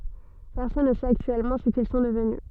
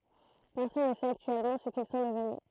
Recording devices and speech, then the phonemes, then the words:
soft in-ear microphone, throat microphone, read sentence
pɛʁsɔn nə sɛt aktyɛlmɑ̃ sə kil sɔ̃ dəvny
Personne ne sait actuellement ce qu'ils sont devenus.

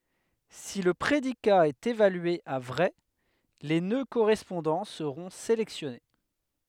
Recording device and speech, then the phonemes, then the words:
headset microphone, read sentence
si lə pʁedika ɛt evalye a vʁɛ le nø koʁɛspɔ̃dɑ̃ səʁɔ̃ selɛksjɔne
Si le prédicat est évalué à vrai, les nœuds correspondants seront sélectionnés.

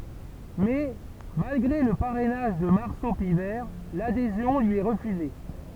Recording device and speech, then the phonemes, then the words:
temple vibration pickup, read sentence
mɛ malɡʁe lə paʁɛnaʒ də maʁso pivɛʁ ladezjɔ̃ lyi ɛ ʁəfyze
Mais, malgré le parrainage de Marceau Pivert, l'adhésion lui est refusée.

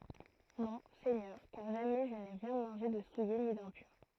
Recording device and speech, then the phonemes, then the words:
throat microphone, read sentence
nɔ̃ sɛɲœʁ kaʁ ʒamɛ ʒə ne ʁjɛ̃ mɑ̃ʒe də suje ni dɛ̃pyʁ
Non, Seigneur, car jamais je n'ai rien mangé de souillé ni d'impur.

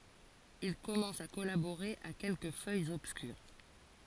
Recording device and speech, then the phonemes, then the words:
forehead accelerometer, read sentence
il kɔmɑ̃s a kɔlaboʁe a kɛlkə fœjz ɔbskyʁ
Il commence à collaborer à quelques feuilles obscures.

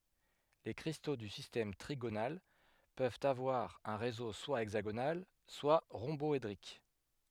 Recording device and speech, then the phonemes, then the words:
headset microphone, read sentence
le kʁisto dy sistɛm tʁiɡonal pøvt avwaʁ œ̃ ʁezo swa ɛɡzaɡonal swa ʁɔ̃bɔedʁik
Les cristaux du système trigonal peuvent avoir un réseau soit hexagonal soit rhomboédrique.

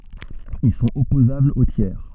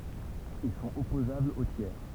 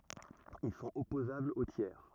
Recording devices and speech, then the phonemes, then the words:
soft in-ear microphone, temple vibration pickup, rigid in-ear microphone, read sentence
il sɔ̃t ɔpozablz o tjɛʁ
Ils sont opposables aux tiers.

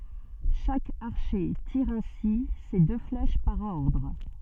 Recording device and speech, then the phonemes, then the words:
soft in-ear microphone, read sentence
ʃak aʁʃe tiʁ ɛ̃si se dø flɛʃ paʁ ɔʁdʁ
Chaque archer tire ainsi ses deux flèches par ordre.

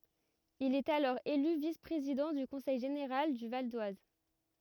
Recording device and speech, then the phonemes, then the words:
rigid in-ear microphone, read sentence
il ɛt alɔʁ ely vis pʁezidɑ̃ dy kɔ̃sɛj ʒeneʁal dy val dwaz
Il est alors élu vice-président du conseil général du Val-d'Oise.

